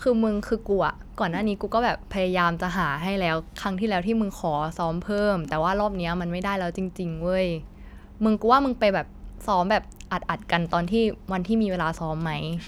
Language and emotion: Thai, frustrated